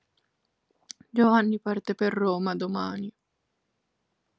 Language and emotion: Italian, sad